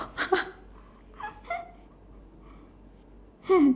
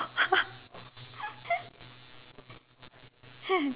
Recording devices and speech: standing microphone, telephone, conversation in separate rooms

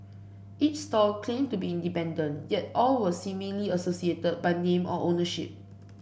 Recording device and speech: boundary microphone (BM630), read sentence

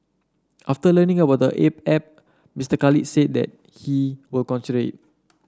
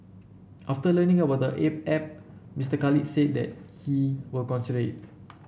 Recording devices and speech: standing microphone (AKG C214), boundary microphone (BM630), read sentence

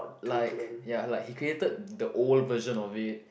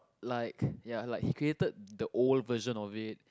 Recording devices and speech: boundary microphone, close-talking microphone, conversation in the same room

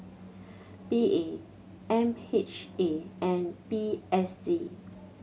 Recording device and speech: mobile phone (Samsung C7100), read sentence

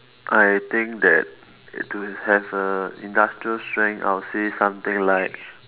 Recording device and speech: telephone, conversation in separate rooms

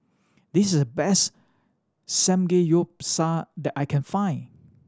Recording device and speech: standing microphone (AKG C214), read sentence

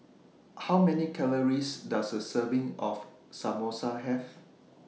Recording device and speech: mobile phone (iPhone 6), read sentence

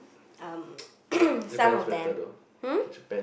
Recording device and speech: boundary microphone, conversation in the same room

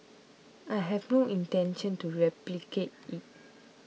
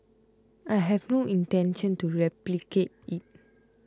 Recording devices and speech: mobile phone (iPhone 6), close-talking microphone (WH20), read sentence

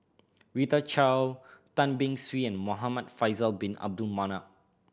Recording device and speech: boundary microphone (BM630), read sentence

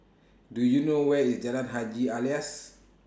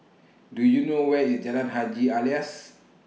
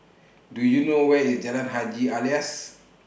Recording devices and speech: standing microphone (AKG C214), mobile phone (iPhone 6), boundary microphone (BM630), read sentence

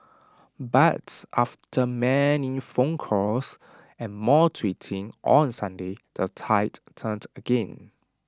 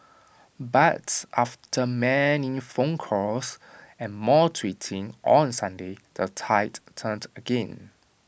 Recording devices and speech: standing microphone (AKG C214), boundary microphone (BM630), read sentence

